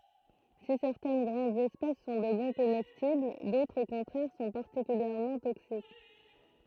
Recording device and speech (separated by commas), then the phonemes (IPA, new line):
throat microphone, read sentence
si sɛʁtɛn ɡʁɑ̃dz ɛspɛs sɔ̃ də bɔ̃ komɛstibl dotʁz o kɔ̃tʁɛʁ sɔ̃ paʁtikyljɛʁmɑ̃ toksik